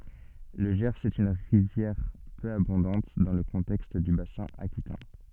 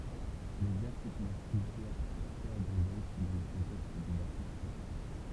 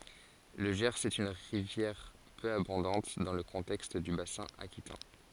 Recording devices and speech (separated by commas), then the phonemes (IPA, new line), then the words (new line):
soft in-ear microphone, temple vibration pickup, forehead accelerometer, read sentence
lə ʒɛʁz ɛt yn ʁivjɛʁ pø abɔ̃dɑ̃t dɑ̃ lə kɔ̃tɛkst dy basɛ̃ akitɛ̃
Le Gers est une rivière peu abondante dans le contexte du bassin aquitain.